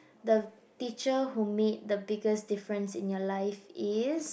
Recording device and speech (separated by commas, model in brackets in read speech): boundary microphone, conversation in the same room